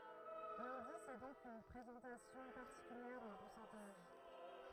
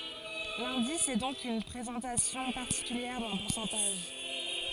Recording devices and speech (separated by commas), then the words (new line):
throat microphone, forehead accelerometer, read sentence
L'indice est donc une présentation particulière d'un pourcentage.